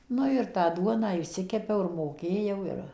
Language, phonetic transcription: Lithuanian, ˈnu ir tą ˈduoną išˈsikepiau ir moˈkėjau ˈir

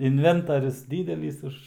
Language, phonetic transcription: Lithuanian, inˈventarius ˈdydelys ˈuž

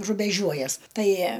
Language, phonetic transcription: Lithuanian, rubeˈžiuojas ˈtai

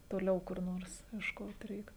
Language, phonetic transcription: Lithuanian, toˈliau kur ˈnors iešˈkot ˈreik

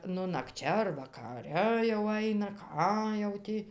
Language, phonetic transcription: Lithuanian, ˈnu nakˈčia ar vakaˈre jau ˈaina ˈką jau ˈtį

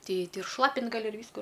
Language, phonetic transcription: Lithuanian, ˈtei ˈtei ir ˈšlapint gaˈli ir ˈvysku

